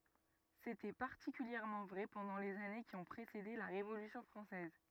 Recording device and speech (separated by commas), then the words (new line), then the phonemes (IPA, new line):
rigid in-ear microphone, read sentence
C'était particulièrement vrai pendant les années qui ont précédé la Révolution française.
setɛ paʁtikyljɛʁmɑ̃ vʁɛ pɑ̃dɑ̃ lez ane ki ɔ̃ pʁesede la ʁevolysjɔ̃ fʁɑ̃sɛz